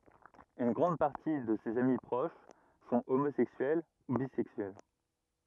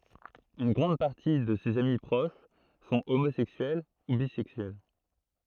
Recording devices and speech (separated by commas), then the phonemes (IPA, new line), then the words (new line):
rigid in-ear microphone, throat microphone, read sentence
yn ɡʁɑ̃d paʁti də sez ami pʁoʃ sɔ̃ omozɛksyɛl u bizɛksyɛl
Une grande partie de ses amis proches sont homosexuels ou bisexuels.